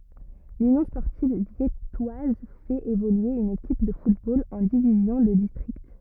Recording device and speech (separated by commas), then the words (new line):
rigid in-ear microphone, read sentence
L'Union sportive viettoise fait évoluer une équipe de football en division de district.